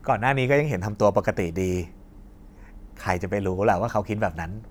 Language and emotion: Thai, neutral